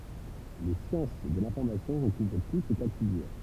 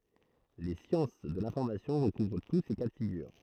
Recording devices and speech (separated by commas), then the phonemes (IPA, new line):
temple vibration pickup, throat microphone, read sentence
le sjɑ̃s də lɛ̃fɔʁmasjɔ̃ ʁəkuvʁ tu se ka də fiɡyʁ